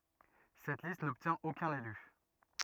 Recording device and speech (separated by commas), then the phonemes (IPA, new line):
rigid in-ear microphone, read sentence
sɛt list nɔbtjɛ̃t okœ̃n ely